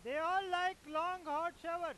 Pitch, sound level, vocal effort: 335 Hz, 108 dB SPL, very loud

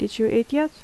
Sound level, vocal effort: 79 dB SPL, soft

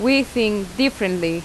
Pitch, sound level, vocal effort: 220 Hz, 85 dB SPL, very loud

